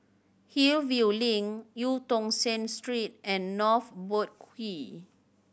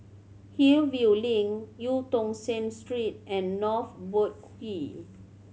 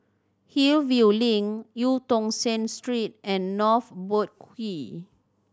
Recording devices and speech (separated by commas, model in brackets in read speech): boundary microphone (BM630), mobile phone (Samsung C7100), standing microphone (AKG C214), read sentence